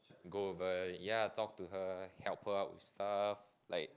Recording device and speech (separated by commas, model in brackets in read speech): close-talking microphone, conversation in the same room